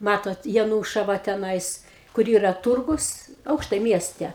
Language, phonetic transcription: Lithuanian, ˈmatot jaˈnūšava teˈnais kur ˈyra ˈturgus ˈaukštai ˈmieste

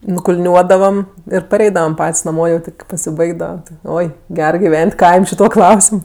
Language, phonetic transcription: Lithuanian, nukulˈniuodavam ir paˈreidavam ˈpat's' naˈmo jau ˈti kai pasiˈbaigdava ˈoi ˈger giˈven't' ˈkaim' šiˈtuo ˈklausim

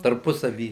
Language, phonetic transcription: Lithuanian, tarˈpusavy

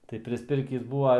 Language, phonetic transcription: Lithuanian, tai prisˈpirkįs ˈbūva

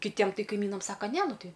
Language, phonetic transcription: Lithuanian, kiˈtiem ˈtai kaiˈmynam ˈsaka ˈne ˈnu ˈtai

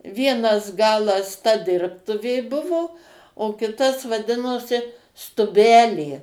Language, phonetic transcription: Lithuanian, ˈvienas ˈgalas ta ˈdirbtuvė ˈbuvo o ˈkitas vaˈdinosi stuˈbelė

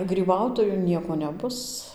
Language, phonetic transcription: Lithuanian, gryˈbautoju ˈnieko ˈnebus

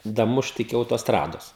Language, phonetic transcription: Lithuanian, daˈmušt iki autosˈtrados

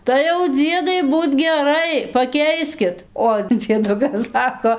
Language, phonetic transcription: Lithuanian, tai jau ˈdziedai ˈbūt geˈrai paˈkeiskit o dzieˈdukas ˈsako

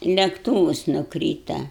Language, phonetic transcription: Lithuanian, lekˈtūvus nuˈkryta

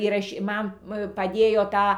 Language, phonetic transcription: Lithuanian, įraˈšy ˈman paˈdėjo ˈtą

